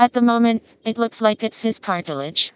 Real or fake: fake